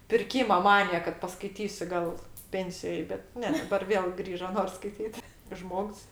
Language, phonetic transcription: Lithuanian, pirˈkyma ˈmanija kad paskaiˈtysiu ˈgal ˈpensijoj bet ˈne daˈbar ˈvėl ˈgrįžo ˈnors skaiˈtyt ˈžmogs

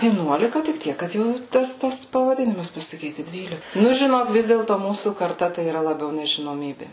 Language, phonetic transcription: Lithuanian, vieˈnuolika tik ˈtiek kad ˈjau ˈtas tas pavaˈdinimas pasaˈkyti ˈdvyli ˈnu žiˈnok ˈvis dėlto ˈmūsų karˈta tai yˈra laˈbiau nežinoˈmybė

